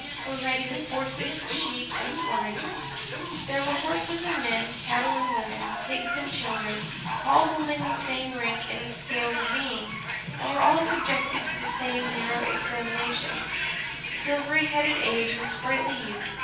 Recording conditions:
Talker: one person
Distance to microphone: 9.8 m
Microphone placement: far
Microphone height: 1.8 m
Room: large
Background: television

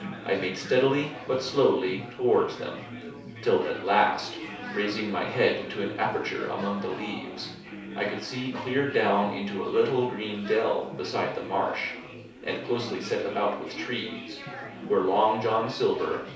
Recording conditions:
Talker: one person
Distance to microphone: 3.0 m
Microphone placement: far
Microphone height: 1.8 m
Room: small (3.7 m by 2.7 m)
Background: babble

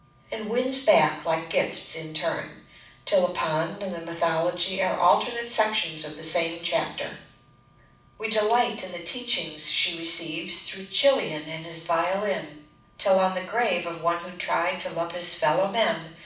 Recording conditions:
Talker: one person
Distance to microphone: 5.8 m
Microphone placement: far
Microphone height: 1.8 m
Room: medium-sized (5.7 m by 4.0 m)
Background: none

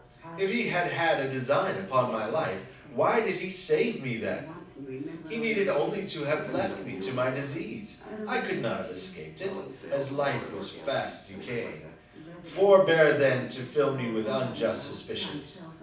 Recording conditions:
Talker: one person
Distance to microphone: 5.8 m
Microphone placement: far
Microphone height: 1.8 m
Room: medium-sized (5.7 m by 4.0 m)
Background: television

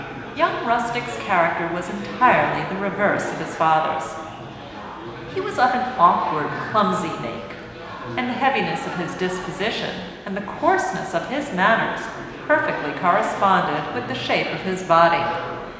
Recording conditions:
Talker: one person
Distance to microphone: 1.7 m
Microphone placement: close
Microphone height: 1.0 m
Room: very reverberant, large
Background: babble

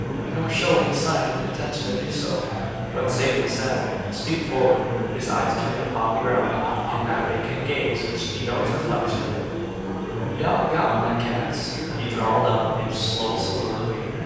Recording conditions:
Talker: one person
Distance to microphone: 7.1 m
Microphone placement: far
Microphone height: 1.7 m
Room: very reverberant, large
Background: babble

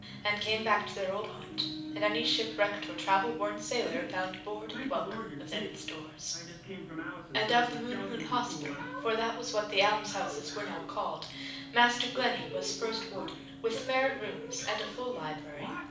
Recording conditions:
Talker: one person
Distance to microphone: 5.8 m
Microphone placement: far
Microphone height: 1.8 m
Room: medium-sized (5.7 m by 4.0 m)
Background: television

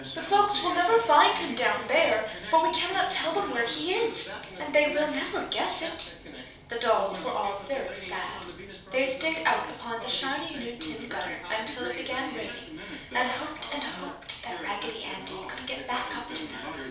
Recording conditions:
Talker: one person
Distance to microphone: 3.0 m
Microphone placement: far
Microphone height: 1.8 m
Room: small (3.7 m by 2.7 m)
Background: television

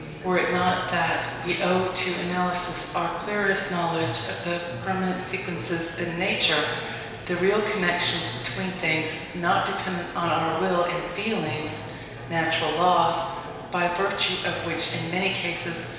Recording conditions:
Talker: one person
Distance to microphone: 1.7 m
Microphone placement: close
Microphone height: 1.0 m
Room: very reverberant, large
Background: babble

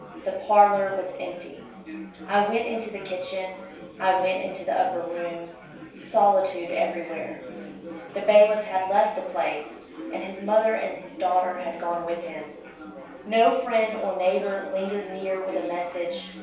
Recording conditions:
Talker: one person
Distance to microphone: 3.0 m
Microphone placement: far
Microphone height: 1.8 m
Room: small (3.7 m by 2.7 m)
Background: babble

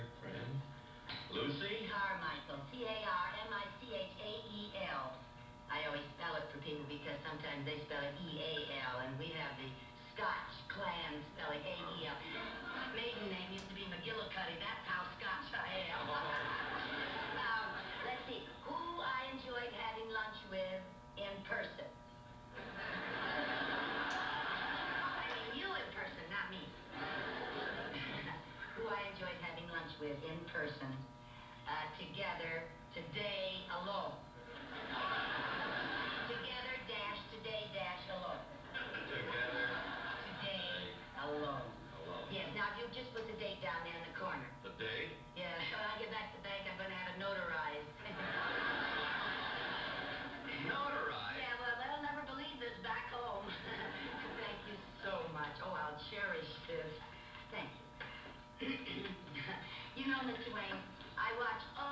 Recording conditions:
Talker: no one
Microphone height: 1.8 m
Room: medium-sized (5.7 m by 4.0 m)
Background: television

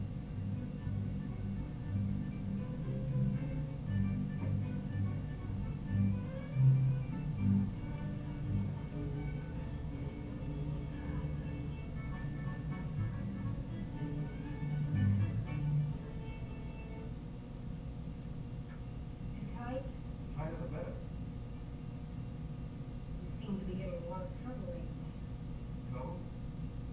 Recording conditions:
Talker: no one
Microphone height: 30 cm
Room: large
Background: television

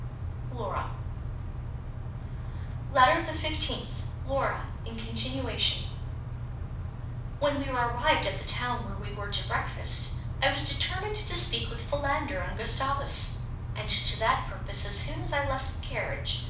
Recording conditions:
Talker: one person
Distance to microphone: 5.8 m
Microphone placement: far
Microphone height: 1.8 m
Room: medium-sized (5.7 m by 4.0 m)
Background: none

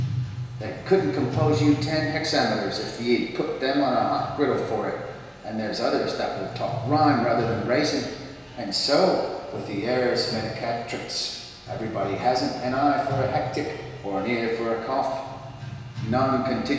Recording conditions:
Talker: one person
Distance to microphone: 1.7 m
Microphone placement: close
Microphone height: 1.0 m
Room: very reverberant, large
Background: music

